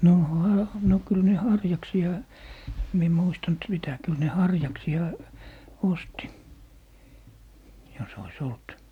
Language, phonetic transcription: Finnish, nò 'ha- , no 'kyl ne "harjaksi₍a , em mie 'muistant 'sitä , 'kyl ne "harjaksi₍a , 'osti , jos ‿ois 'olt .
- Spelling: no - no kyllä ne harjaksia en minä muistanut sitä kyllä ne harjaksia osti jos olisi ollut

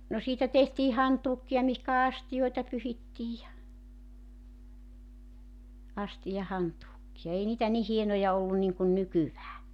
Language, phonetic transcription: Finnish, no 'siitä tehtii 'hantuukki₍a mihkä "astijoita 'pyhittiij ja , 'astijahantuukki₍a 'ei niitä ni 'hienoja ollun niŋkun 'nykyvää .
- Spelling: no siitä tehtiin hantuukeja mihinkä astioita pyyhittiin ja astiahantuukeja ei niitä niin hienoja ollut niin kuin nykyään

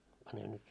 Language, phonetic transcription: Finnish, pane nyt ,.
- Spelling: pane nyt

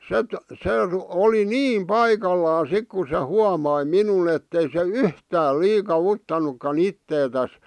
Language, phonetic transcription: Finnish, set , "se r- , 'oli "niim "paikallaa 'sik ku se 'huamai "minun ‿ettei se "yhtää liika'ᵛuttanukka'n ‿itteetäs .
- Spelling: sitten se - oli niin paikallaan sitten kun se huomasi minun että ei se yhtään liikauttanutkaan itseään

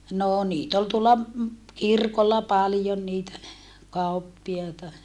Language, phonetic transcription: Finnish, noo niit ‿ol tuolla , kirkolla paljon niitä , kauppi₍aita .
- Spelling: no niitä oli tuolla kirkolla paljon niitä kauppiaita

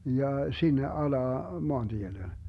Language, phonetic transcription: Finnish, 'ja , 'sinne 'alaa , 'moanDiele .
- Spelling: ja sinne alas maantielle

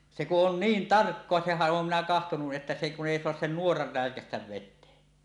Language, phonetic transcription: Finnish, se kuˀ 'ˀon "niin "tarkkoa sehäˀ 'ˀoom minä 'kahtonu’ ’että se kun 'èi "soas 'sen "nuorar 'rä̀ekästäv 'vet̆tee .
- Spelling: se kun on niin tarkkaa senhän olen minä katsonut että se kun ei saa sen nuoran räikäistä veteen

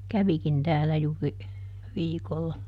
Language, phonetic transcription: Finnish, ˈkävikin ˈtäällä juuri , ˈviikolla .
- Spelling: kävikin täällä juuri viikolla

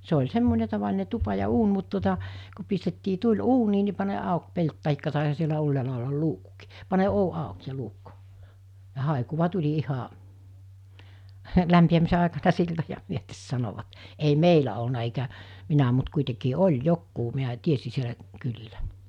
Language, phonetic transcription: Finnish, se oĺ 'semmone tavaline 'tupa ja 'uun mut tuota , ku pistettii 'tuĺ "uunii ni pane’ '’àuk 'pelt tahikka tàesha sielä 'ylläälä ollal 'luukkukii , pane 'ou 'àuk ja 'luukku , ja 'hàekuva 'tuĺi 'iha’ , 'lämpi₍ämise àekana 'siltoja 'myötes sanovat , ei "meilä olna eikä , 'minä mut 'kuitekii "oĺ "jokkuu miä 'tiesi sielä , 'kylilä .
- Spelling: se oli semmoinen tavallinen tupa ja uuni mutta tuota kun pistettiin tuli uuniin niin pane auki pelti tai taisihan siellä ylhäällä olla luukkukin pane ovi auki ja luukku ja haikua tuli ihan lämpiämisen aikana siltoja myöten sanoivat ei meillä ollut eikä minä mutta kuitenkin oli jotkut minä tiesin siellä kylillä

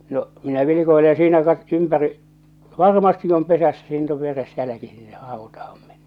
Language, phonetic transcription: Finnish, no , 'minä vilikoile ja siinä kat- , 'ympäri , "varmasti om 'pesässä siin̳t̳ ‿ov 'veres 'jäläki sinneh 'hàutaham meɴɴᴇᴇ .
- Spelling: no minä vilkuilen ja siinä - ympäri varmasti on pesässä siinä on veres jälki sinne hautaan mennyt

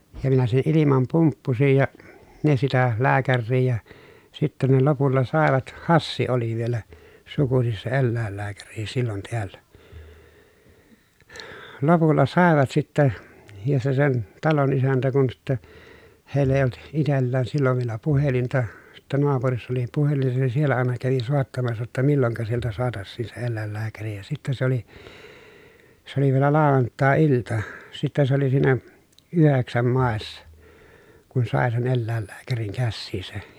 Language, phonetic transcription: Finnish, ja minä sen ilimam pumppusij ja , ne sitä , lääkärrii ja , sitten ne lopulla sàevat , Hassi oli vielä , sukusis se ellä̀ellääkäri sillon teällä , lopulla sàevat sittɛ , ja se sen , talon isäntä kun sitte , hèi̮ll ‿èi olt , itellään sillov vielä puhelinta , sittä noapurissa oli puhelin , se siellä àena kävi sòettamassa jotta milloŋka sieltä soatassiin se ellä̀ellääkäri ja sitte se ‿oli , s ‿oli vielä làovant̀àe₍ilta , sitte se ‿oli siinä , yheksäm màessa , kun sàe sen ellä̀ellääkäriŋ kässiisä .
- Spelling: ja minä sen ilman pumppusin ja ne sitä lääkäriä ja sitten ne lopulla saivat Hassi oli vielä sukuisin se eläinlääkäri silloin täällä lopulla saivat sitten ja se sen talon isäntä kun sitten heillä ei ollut itsellään silloin vielä puhelinta sitten naapurissa oli puhelin se siellä aina kävi soittamassa jotta milloinka sieltä saataisiin se eläinlääkäri ja sitten se oli se oli vielä lauantai-ilta sitten se oli siinä yhdeksän maissa kun sai sen eläinlääkärin käsiinsä

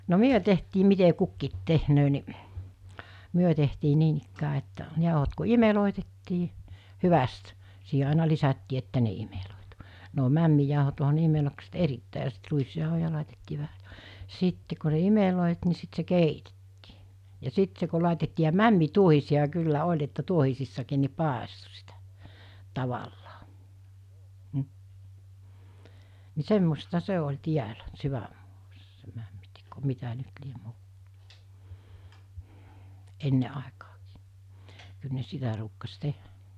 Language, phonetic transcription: Finnish, no "myö tehtii mite 'kukkiit 'tehnöö ni , 'myö tehtii 'niinikkää että , 'jàohot ku "imelòetettii , 'hyväst , siiɦe 'àena lisättii että ne imelòetu , ne o 'mämmijàohot oɦa ne 'imelokset "erittä̀i ja sit 'ruisjàohoja làitettii vähä , 'sitte ko (s̬)e 'imelòit ni sit se "keitettii , ja 'sit se ko làitettii ja "mämmi'tuohisi₍a 'kyllä 'oĺ että 'tuohisissakiin ni "pàesto sitᴀ̈ , 'tavallaa , m̥ , ni 'semmosta 'se oĺ 'tiälä , 'syvämmuassᴀ se 'mämmiteko , 'mitä nyt liem 'muu[alla] , 'enne àekaakii , kyl ne 'sitä ruukkas 'teh̀ä .
- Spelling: no me tehtiin miten kukin tekee niin me tehtiin niinikään että jauhot kun imellettiin hyvästi siihen aina lisättiin että ne imeltyi ne on mämmijauhot onhan ne imellykset erittäin ja sitten ruisjauhoja laitettiin vähän sitten kun se imeltyi niin sitten se keitettiin ja sitten se kun laitettiin ja mämmituohisia kyllä oli että tuohisissakin niin paistoi sitä tavallaan mm niin semmoista se oli täällä sydänmaassa se mämminteko mitä nyt lie muualla ennen aikaankin kyllä ne sitä ruukasi tehdä

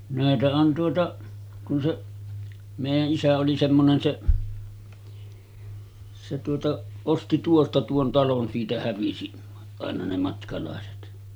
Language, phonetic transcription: Finnish, 'nä̀etä on tuota , kun seˀ , 'mèijä’ ’isä oli semmonen 'seˀ , se tuota , osti 'tuosta tuon 'talon siitä 'hävisi , àena ne matkalàeset .
- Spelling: näitä on tuota kun se meidän isä oli semmoinen se se tuota osti tuosta tuon talon siitä hävisi aina ne matkalaiset

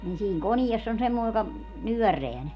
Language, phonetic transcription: Finnish, nin 'siiŋ "koniess ‿on 'semmòe joka , "nyörreä 'ne .
- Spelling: niin siinä koneessa on semmoinen joka nyörää ne

